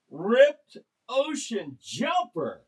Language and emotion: English, disgusted